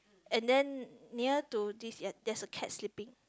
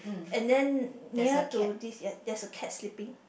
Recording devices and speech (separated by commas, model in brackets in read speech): close-talking microphone, boundary microphone, conversation in the same room